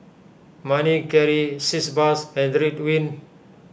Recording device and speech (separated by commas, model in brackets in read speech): boundary microphone (BM630), read sentence